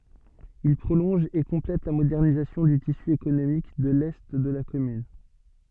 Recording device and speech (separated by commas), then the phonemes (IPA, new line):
soft in-ear microphone, read sentence
il pʁolɔ̃ʒ e kɔ̃plɛt la modɛʁnizasjɔ̃ dy tisy ekonomik də lɛ də la kɔmyn